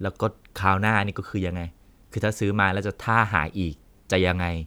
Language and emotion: Thai, frustrated